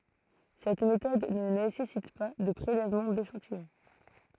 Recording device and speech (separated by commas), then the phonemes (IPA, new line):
throat microphone, read sentence
sɛt metɔd nə nesɛsit pa də pʁelɛvmɑ̃ deʃɑ̃tijɔ̃